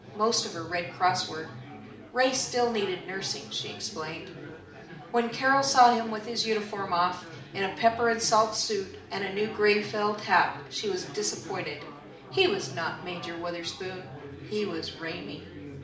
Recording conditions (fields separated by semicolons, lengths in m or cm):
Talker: one person; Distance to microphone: 2.0 m; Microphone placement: close; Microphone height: 99 cm; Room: medium-sized (5.7 m by 4.0 m); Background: babble